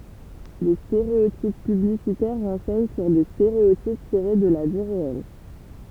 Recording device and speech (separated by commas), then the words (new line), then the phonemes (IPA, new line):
temple vibration pickup, read sentence
Les stéréotypes publicitaires renseignent sur des stéréotypes tirés de la vie réelle.
le steʁeotip pyblisitɛʁ ʁɑ̃sɛɲ syʁ de steʁeotip tiʁe də la vi ʁeɛl